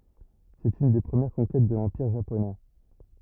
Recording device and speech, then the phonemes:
rigid in-ear microphone, read sentence
sɛt yn de pʁəmjɛʁ kɔ̃kɛt də lɑ̃piʁ ʒaponɛ

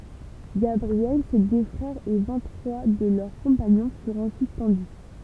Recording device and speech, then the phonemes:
temple vibration pickup, read sentence
ɡabʁiɛl se dø fʁɛʁz e vɛ̃t tʁwa də lœʁ kɔ̃paɲɔ̃ fyʁt ɑ̃syit pɑ̃dy

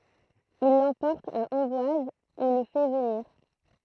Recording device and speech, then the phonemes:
throat microphone, read sentence
il lɑ̃pɔʁt a ɑ̃bwaz u lə fɛ vəniʁ

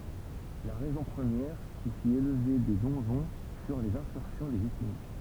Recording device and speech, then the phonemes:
temple vibration pickup, read sentence
la ʁɛzɔ̃ pʁəmjɛʁ ki fit elve de dɔ̃ʒɔ̃ fyʁ lez ɛ̃kyʁsjɔ̃ de vikinɡ

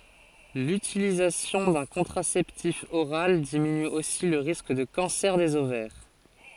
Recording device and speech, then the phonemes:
forehead accelerometer, read sentence
lytilizasjɔ̃ dœ̃ kɔ̃tʁasɛptif oʁal diminy osi lə ʁisk də kɑ̃sɛʁ dez ovɛʁ

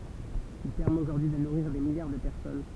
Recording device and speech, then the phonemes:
temple vibration pickup, read sentence
il pɛʁmɛt oʒuʁdyi də nuʁiʁ de miljaʁ də pɛʁsɔn

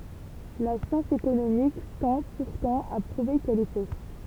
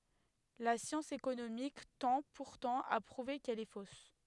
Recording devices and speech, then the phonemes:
temple vibration pickup, headset microphone, read sentence
la sjɑ̃s ekonomik tɑ̃ puʁtɑ̃ a pʁuve kɛl ɛ fos

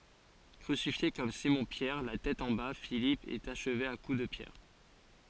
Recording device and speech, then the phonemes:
forehead accelerometer, read sentence
kʁysifje kɔm simɔ̃pjɛʁ la tɛt ɑ̃ ba filip ɛt aʃve a ku də pjɛʁ

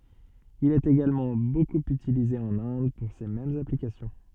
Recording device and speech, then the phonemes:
soft in-ear microphone, read sentence
il ɛt eɡalmɑ̃ bokup ytilize ɑ̃n ɛ̃d puʁ se mɛmz aplikasjɔ̃

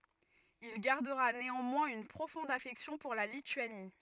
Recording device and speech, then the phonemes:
rigid in-ear microphone, read sentence
il ɡaʁdəʁa neɑ̃mwɛ̃z yn pʁofɔ̃d afɛksjɔ̃ puʁ la lityani

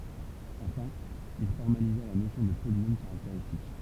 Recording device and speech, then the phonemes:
temple vibration pickup, read sentence
ɑ̃fɛ̃ il fɔʁmaliza la nosjɔ̃ də polinom kaʁakteʁistik

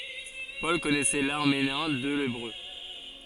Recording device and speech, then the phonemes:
forehead accelerometer, read sentence
pɔl kɔnɛsɛ laʁameɛ̃ e lebʁø

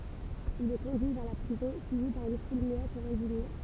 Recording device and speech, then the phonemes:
temple vibration pickup, read sentence
il ɛ kɔ̃dyi vɛʁ la pʁizɔ̃ syivi paʁ yn ful myɛt e ɛ̃diɲe

